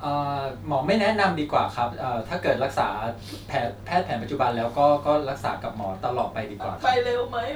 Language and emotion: Thai, neutral